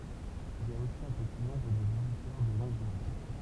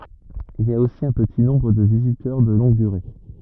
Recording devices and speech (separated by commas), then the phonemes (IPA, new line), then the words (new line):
temple vibration pickup, rigid in-ear microphone, read sentence
il i a osi œ̃ pəti nɔ̃bʁ də vizitœʁ də lɔ̃ɡ dyʁe
Il y a aussi un petit nombre de visiteurs de longue durée.